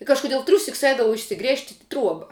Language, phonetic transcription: Lithuanian, i kažkuˈdiel ˈtriūsiks ˈeidavau išsiˈgrėžt' i ˈtruoba

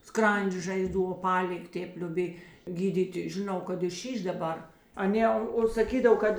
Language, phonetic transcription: Lithuanian, ˈskrandžė žaiˈzdų oˈpalig' ˈtėp lioˈbėj gyˈdyti žiˈnau kad i ˈšyš daˈbar aˈnė o saˈkydav ˈkad

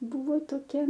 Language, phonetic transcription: Lithuanian, ˈbuvo toˈkia

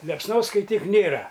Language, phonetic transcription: Lithuanian, liepsˈnos skaiˈtyk ˈnėra

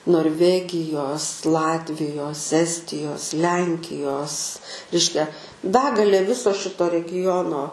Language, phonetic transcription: Lithuanian, norˈvegijos ˈlatvijos ˈestijos ˈlenkijos ˈreiškia ˈbegalė ˈviso ˈšito reˈgijono

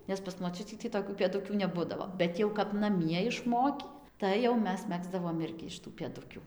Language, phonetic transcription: Lithuanian, nes pas moˈčiutį tį toˈkių pėˈdukių neˈbudavo ˈbet jau kap naˈmie išˈmokį ˌtai jau ˈmes ˈmegzdavom ˈirgi iš tų pėˈdukių

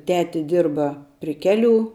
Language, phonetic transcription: Lithuanian, ˈteti ˈdirba pri ˈkeˌlių

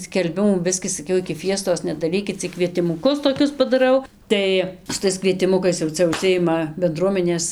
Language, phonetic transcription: Lithuanian, skelˈbimų ˈbiskį saˈkiau iki ˈfiestos nedaˈrykit cik kvietimuˈkus toˈkius padaˈrau ˈtai su ˈtais kvietiˈmukais jau ˈcia užˈsijima benˈdruomenės

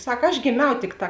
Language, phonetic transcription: Lithuanian, ˈsak aš gėˈmiau ˈtikˌtā

